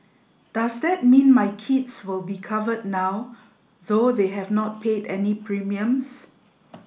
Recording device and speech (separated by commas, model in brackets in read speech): boundary microphone (BM630), read sentence